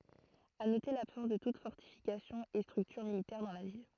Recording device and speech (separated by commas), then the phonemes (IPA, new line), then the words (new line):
throat microphone, read sentence
a note labsɑ̃s də tut fɔʁtifikasjɔ̃ e stʁyktyʁ militɛʁ dɑ̃ la vil
À noter l’absence de toute fortification et structure militaire dans la ville.